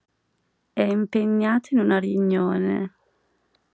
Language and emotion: Italian, neutral